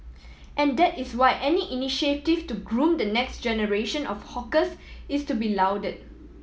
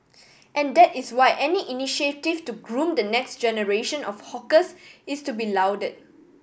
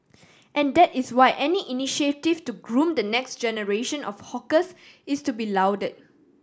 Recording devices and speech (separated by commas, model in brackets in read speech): mobile phone (iPhone 7), boundary microphone (BM630), standing microphone (AKG C214), read sentence